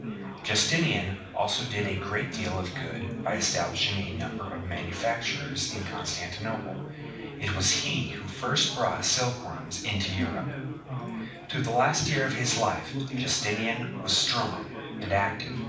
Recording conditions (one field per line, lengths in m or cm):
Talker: one person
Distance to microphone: 5.8 m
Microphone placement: far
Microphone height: 1.8 m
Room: medium-sized (5.7 m by 4.0 m)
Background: babble